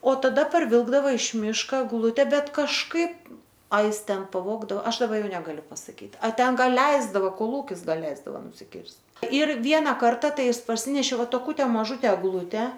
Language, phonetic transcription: Lithuanian, o taˈda parˈvilkdava iš ˈmiško egˈlute ˈbet kažˈkaip a ˈis ˈten paˈvogdao ˈaš daˈba ˈjau negaˈliu pasaˈkyt ˈa ˈten ˈgal ˈleisdavo koˈlūkis ˈgal ˈleisdava nusiˈkirst' ir ˈviena ˈkarta ˈtai ˈjis parˈsinešė ˈva toˈkute maˈžute egˈlute

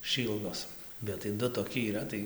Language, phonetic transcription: Lithuanian, ˈšyldos bet tai ˈdu toˈki yˈra tai

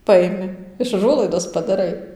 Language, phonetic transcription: Lithuanian, ˈpaimi iš ˈužuolaidos padaˈrai

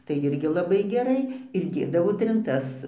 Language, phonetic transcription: Lithuanian, tai ˈirgi laˈbai geˈrai ir ˈdėdavo trinˈtas

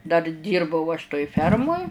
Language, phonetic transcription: Lithuanian, dar ˈdyrbau aš toj ˈfermoj

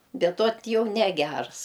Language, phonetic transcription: Lithuanian, ˈbet ot ˈjau neˈgærs

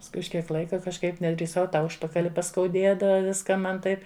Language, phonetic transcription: Lithuanian, pasˈkui už ˈkiek ˈlaika kažˈkaip nedrįˈsau ta ˈužpakali paskauˈdėdava ˈviską ˈman ˈtaip

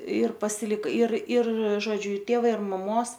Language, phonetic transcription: Lithuanian, ir pasiˈlik ir ir ˈžodžiu iˈtėva ir maˈmos

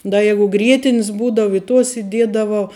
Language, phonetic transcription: Lithuanian, ˈda ˈjegu ˈgrietinis ˈbūdava i tuos iˈdiedavau

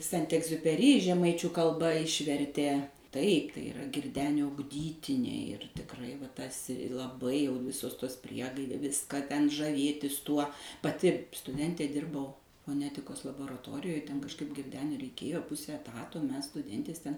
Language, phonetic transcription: Lithuanian, ˈsent egziupeˈry žeˈmaičių kalˈba ˈišvertė taip tai iˈra girˈdenio ugˈdytiniai ir tikˈrai va ˈtas' i laˈbai jau ˈvisos ˈtos ˈpriegaidė ˈviska ten žaˈvėtis ˈtuo paˈti stuˈdentė ˈdirbau foˈnetikos laboraˈtorijoj ˈten kažˈkaip girˈdeniui reiˈkėjo ˈpuse eˈtato ˈmes stuˈdentės ˈten

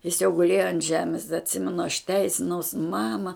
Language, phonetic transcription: Lithuanian, jis jau guˈlėjo ant ˈžemės da atˈsimenu aš ˈteisinaus ˈmama

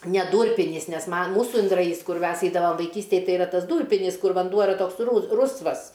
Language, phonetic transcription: Lithuanian, ne ˈdūrpinys nes man ˈmūsu indraˈjys ˈkur ˈmes ˈeidavam vaiˈkystėj ˈtai iˈra ˈtas ˈdūrpinis ˈkur vanˈduo iˈra ˈtoks ˈrusvas

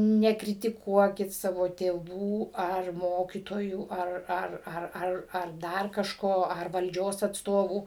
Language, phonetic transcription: Lithuanian, nekritiˈkuokit ˈsavo tėˈvų ar ˈmokytojų ˈar ˈar ˈar ˈar ar ˈdar kažˈko ar valˈdžios atsˈtovų

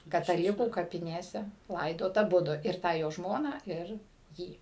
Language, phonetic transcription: Lithuanian, kataˈlikų kapiˈnėse ˈlaidot aˈbudu ir ˈtą jo ˈžmoną ˈir ˈjį

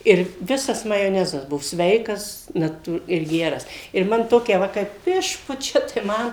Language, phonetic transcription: Lithuanian, ˈir ˈvisas majoˈnezas ˈbuo ˈsveikas naˈtū ir ˈgeras ir ˈman ˈtokia ˈva kaip ˈišpučia tai ˈman

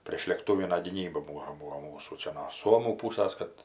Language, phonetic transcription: Lithuanian, prėšlėkˈtūvina gyˈnyba ˈbūvo ˈbūo ˈmūsų ˈčia no ˈsuomų ˈpūsas kad

